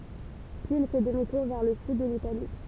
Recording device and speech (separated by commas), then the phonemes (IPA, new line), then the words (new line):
temple vibration pickup, read sentence
pyiz il fɛ dəmi tuʁ vɛʁ lə syd də litali
Puis il fait demi-tour vers le sud de l'Italie.